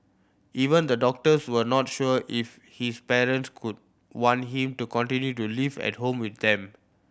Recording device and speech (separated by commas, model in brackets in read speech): boundary microphone (BM630), read sentence